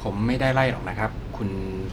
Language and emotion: Thai, neutral